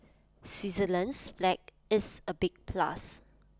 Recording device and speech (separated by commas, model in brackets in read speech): close-talking microphone (WH20), read sentence